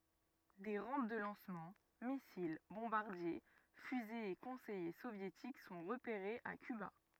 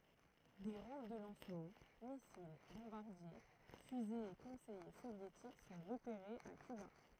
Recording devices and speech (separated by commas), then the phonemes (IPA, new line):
rigid in-ear microphone, throat microphone, read sentence
de ʁɑ̃p də lɑ̃smɑ̃ misil bɔ̃baʁdje fyzez e kɔ̃sɛje sovjetik sɔ̃ ʁəpeʁez a kyba